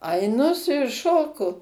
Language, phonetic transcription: Lithuanian, aiˈnu su juo ˈšoku

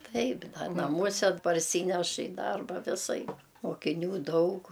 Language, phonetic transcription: Lithuanian, ˈtaip ˈda naˈmuose parˈsyneš i ˈdarba viˈsaip mokiˈnių ˈdaug

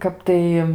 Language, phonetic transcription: Lithuanian, ˈkap tai

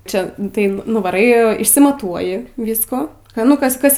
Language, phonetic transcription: Lithuanian, ˈčia tai nuvaˈrai išsimaˈtuoji ˈvyskų ka nu ˈkas ˈkas

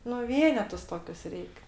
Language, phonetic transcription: Lithuanian, nu ˈvienetus ˈtokius ˈreik

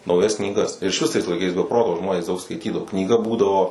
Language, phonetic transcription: Lithuanian, nauˈjas knyˈgas ir išˈvis tais laiˈkais be ˈproto ˈžmonės ˈdaug skaiˈtydavo knyˈga ˈbūdavo

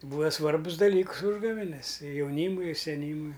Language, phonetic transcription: Lithuanian, ˈbūa ˈsvarbus daˈlyks ˈūžgavenes i jauˈnymui i seˈnymui

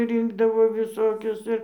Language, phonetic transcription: Lithuanian, ˈrinkdavo viˈsokius ˈir

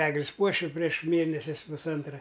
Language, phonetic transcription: Lithuanian, ˈeglis ˈpuoši prieš ˈmėnesis pusˈantra

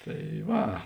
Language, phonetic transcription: Lithuanian, ˈtai ˈva

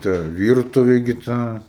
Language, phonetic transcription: Lithuanian, ˈta ˈvyrtuvė gi ˈta

